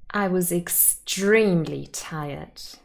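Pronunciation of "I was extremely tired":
In 'I was extremely tired', the stress is placed on 'extremely', giving it emphatic stress to emphasize how very tired the speaker was.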